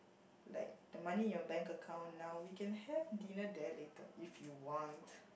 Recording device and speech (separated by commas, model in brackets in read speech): boundary microphone, conversation in the same room